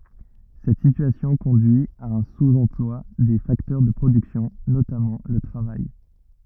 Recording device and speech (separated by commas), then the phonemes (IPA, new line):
rigid in-ear microphone, read sentence
sɛt sityasjɔ̃ kɔ̃dyi a œ̃ suz ɑ̃plwa de faktœʁ də pʁodyksjɔ̃ notamɑ̃ lə tʁavaj